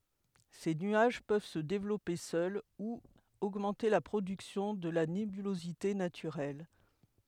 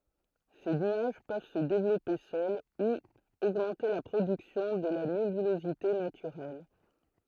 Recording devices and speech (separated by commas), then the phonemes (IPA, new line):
headset microphone, throat microphone, read sentence
se nyaʒ pøv sə devlɔpe sœl u oɡmɑ̃te la pʁodyksjɔ̃ də la nebylozite natyʁɛl